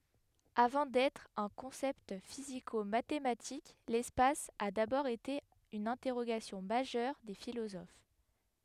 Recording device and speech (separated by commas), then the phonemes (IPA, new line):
headset microphone, read sentence
avɑ̃ dɛtʁ œ̃ kɔ̃sɛpt fizikomatematik lɛspas a dabɔʁ ete yn ɛ̃tɛʁoɡasjɔ̃ maʒœʁ de filozof